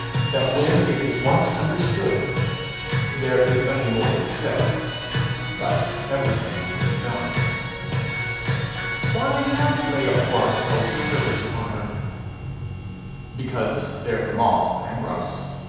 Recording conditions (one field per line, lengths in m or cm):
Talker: one person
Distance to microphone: 7.1 m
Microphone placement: far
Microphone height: 1.7 m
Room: very reverberant, large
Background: music